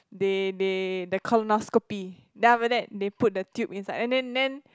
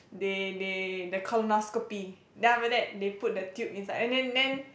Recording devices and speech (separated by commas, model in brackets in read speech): close-talking microphone, boundary microphone, conversation in the same room